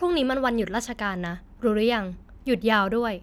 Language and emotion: Thai, neutral